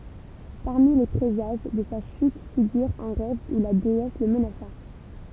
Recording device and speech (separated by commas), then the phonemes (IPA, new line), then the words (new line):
temple vibration pickup, read sentence
paʁmi le pʁezaʒ də sa ʃyt fiɡyʁ œ̃ ʁɛv u la deɛs lə mənasa
Parmi les présages de sa chute figure un rêve où la déesse le menaça.